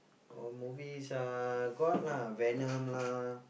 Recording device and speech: boundary microphone, conversation in the same room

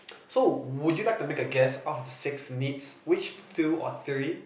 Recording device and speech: boundary microphone, conversation in the same room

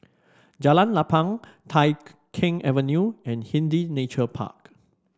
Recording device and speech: standing microphone (AKG C214), read sentence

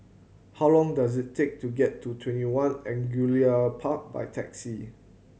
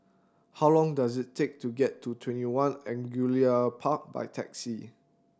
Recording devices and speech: mobile phone (Samsung C7100), standing microphone (AKG C214), read sentence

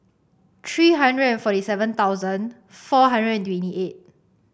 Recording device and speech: boundary microphone (BM630), read sentence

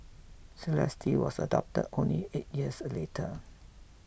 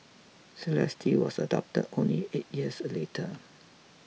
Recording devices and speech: boundary microphone (BM630), mobile phone (iPhone 6), read sentence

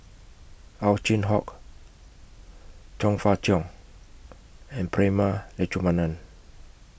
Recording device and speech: boundary microphone (BM630), read sentence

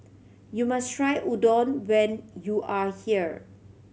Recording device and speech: mobile phone (Samsung C7100), read sentence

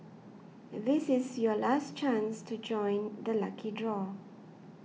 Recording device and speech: mobile phone (iPhone 6), read sentence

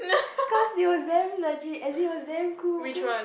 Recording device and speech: boundary microphone, conversation in the same room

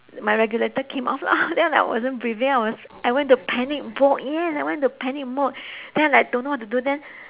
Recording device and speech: telephone, conversation in separate rooms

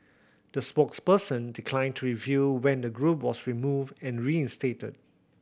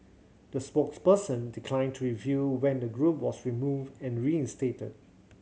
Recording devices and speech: boundary microphone (BM630), mobile phone (Samsung C7100), read sentence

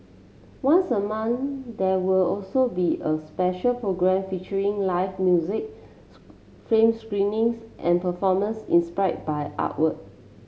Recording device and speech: mobile phone (Samsung C7), read sentence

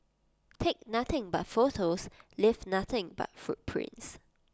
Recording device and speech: close-talking microphone (WH20), read sentence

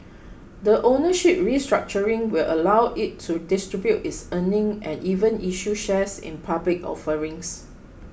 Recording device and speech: boundary microphone (BM630), read sentence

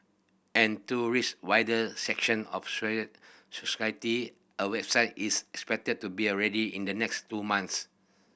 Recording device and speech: boundary microphone (BM630), read sentence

